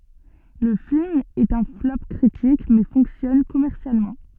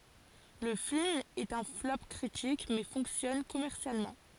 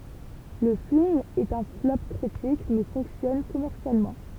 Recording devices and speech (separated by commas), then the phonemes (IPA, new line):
soft in-ear microphone, forehead accelerometer, temple vibration pickup, read sentence
lə film ɛt œ̃ flɔp kʁitik mɛ fɔ̃ksjɔn kɔmɛʁsjalmɑ̃